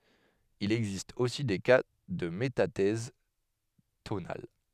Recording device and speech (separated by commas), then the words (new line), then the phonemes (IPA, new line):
headset microphone, read sentence
Il existe aussi des cas de métathèse tonale.
il ɛɡzist osi de ka də metatɛz tonal